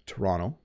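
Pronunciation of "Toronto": In 'Toronto', the second t has a d sound.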